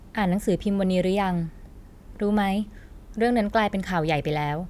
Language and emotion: Thai, neutral